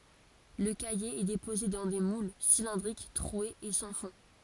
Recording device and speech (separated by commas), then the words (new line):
forehead accelerometer, read sentence
Le caillé est déposé dans des moules cylindriques troués et sans fond.